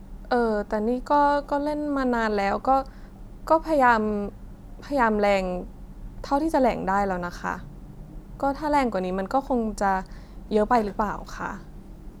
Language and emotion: Thai, frustrated